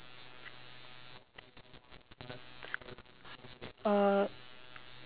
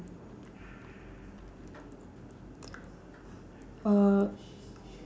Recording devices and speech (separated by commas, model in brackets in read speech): telephone, standing microphone, conversation in separate rooms